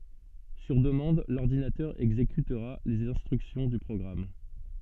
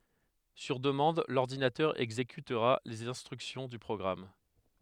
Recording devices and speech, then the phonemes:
soft in-ear microphone, headset microphone, read sentence
syʁ dəmɑ̃d lɔʁdinatœʁ ɛɡzekytʁa lez ɛ̃stʁyksjɔ̃ dy pʁɔɡʁam

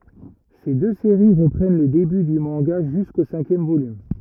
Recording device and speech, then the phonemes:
rigid in-ear microphone, read sentence
se dø seʁi ʁəpʁɛn lə deby dy mɑ̃ɡa ʒysko sɛ̃kjɛm volym

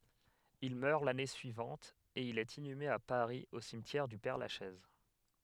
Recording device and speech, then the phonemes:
headset microphone, read sentence
il mœʁ lane syivɑ̃t e il ɛt inyme a paʁi o simtjɛʁ dy pɛʁlaʃɛz

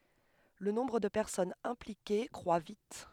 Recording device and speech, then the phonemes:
headset microphone, read sentence
lə nɔ̃bʁ də pɛʁsɔnz ɛ̃plike kʁwa vit

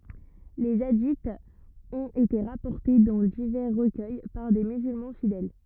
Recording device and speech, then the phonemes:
rigid in-ear microphone, read sentence
le adiz ɔ̃t ete ʁapɔʁte dɑ̃ divɛʁ ʁəkœj paʁ de myzylmɑ̃ fidɛl

